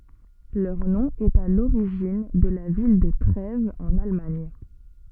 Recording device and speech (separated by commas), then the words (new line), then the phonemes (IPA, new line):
soft in-ear microphone, read sentence
Leur nom est à l'origine de la ville de Trèves en Allemagne.
lœʁ nɔ̃ ɛt a loʁiʒin də la vil də tʁɛvz ɑ̃n almaɲ